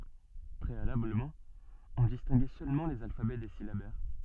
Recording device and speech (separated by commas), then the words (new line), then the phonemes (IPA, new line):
soft in-ear microphone, read sentence
Préalablement, on distinguait seulement les alphabets des syllabaires.
pʁealabləmɑ̃ ɔ̃ distɛ̃ɡɛ sølmɑ̃ lez alfabɛ de silabɛʁ